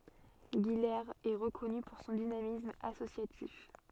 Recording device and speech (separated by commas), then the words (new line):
soft in-ear microphone, read sentence
Guilers est reconnue pour son dynamisme associatif.